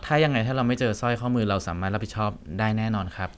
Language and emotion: Thai, neutral